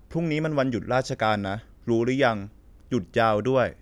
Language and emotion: Thai, neutral